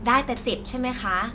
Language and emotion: Thai, neutral